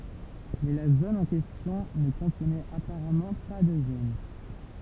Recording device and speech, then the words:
temple vibration pickup, read sentence
Mais la zone en question ne contenait apparemment pas de gène.

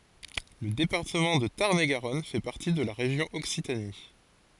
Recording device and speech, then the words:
forehead accelerometer, read sentence
Le département de Tarn-et-Garonne fait partie de la région Occitanie.

